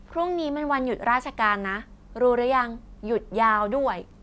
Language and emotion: Thai, happy